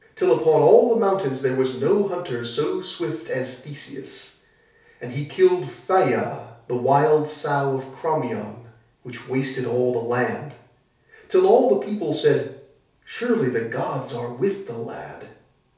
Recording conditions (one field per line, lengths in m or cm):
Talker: one person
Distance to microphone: 3.0 m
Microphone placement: far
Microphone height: 1.8 m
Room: small (3.7 m by 2.7 m)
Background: none